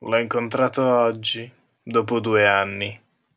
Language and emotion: Italian, disgusted